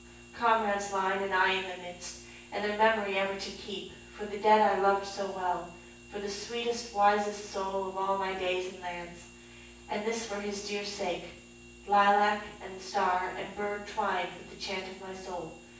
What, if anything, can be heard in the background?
Nothing.